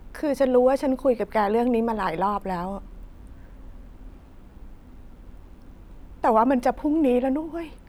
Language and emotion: Thai, sad